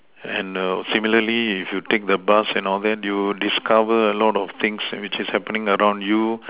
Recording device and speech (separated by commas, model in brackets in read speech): telephone, conversation in separate rooms